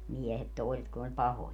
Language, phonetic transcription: Finnish, » 'miehet 'tòiset kun ‿oĺ "pahoja .
- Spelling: miehet toiset kun oli pahoja

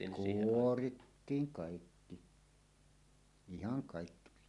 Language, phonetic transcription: Finnish, kuorittiiŋ 'kàikki , 'ihaŋ kàikki pitɪ .
- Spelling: kuorittiin kaikki ihan kaikki piti

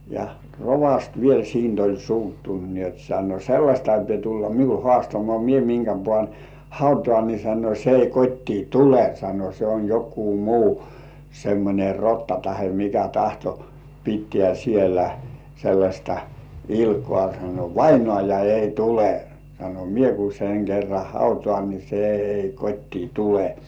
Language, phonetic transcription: Finnish, ja "rovast 'viel siint ‿oĺ 'suuttunt ni ‿ot sano » "sellaśta ei pie tulla "miul 'hoastamŏà mie miŋkä 'pŏàn "hautŏà ni « sano » se ei 'kot́tii "tule « sano » se on jok̆kuu muu , 'semmońe "rotta tahe mikä 'tahto , pittĕä̀ sielä , 'sellaśta "ilkŏà « sano » "vainŏàja 'ei "tule « sano » "mie ku seŋ 'kerra "hautŏàn ni 'se ei 'kot́tii "tule « .
- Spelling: ja rovasti vielä siitä oli suuttunut niin jotta sanoi sellaista ei pidä tulla minulle haastamaan minä minkä panen hautaan niin sanoi se ei kotiin tule sanoi se on joku muu semmoinen rotta tai mikä tahto pitää siellä sellaista ilkaa sanoi vainaja ei tule sanoi minä kun sen kerran hautaan niin se ei kotiin tule

